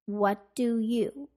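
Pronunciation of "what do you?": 'What do you' is said as connected speech, with the consonants between the words run together.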